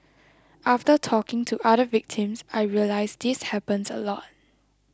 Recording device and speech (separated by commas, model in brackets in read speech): close-talking microphone (WH20), read sentence